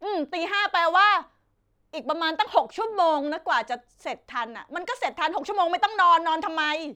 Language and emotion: Thai, angry